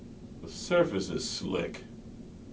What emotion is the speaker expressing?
neutral